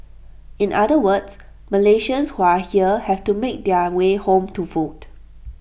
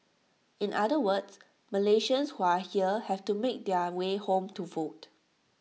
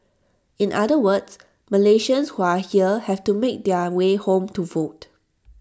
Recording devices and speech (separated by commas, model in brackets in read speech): boundary microphone (BM630), mobile phone (iPhone 6), standing microphone (AKG C214), read sentence